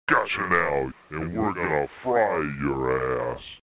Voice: Gruff alien voice